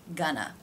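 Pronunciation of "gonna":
In 'gonna', the first syllable is stressed, and its vowel is closer to the uh sound in 'butter'. The final syllable is a simple schwa, short and unaccented.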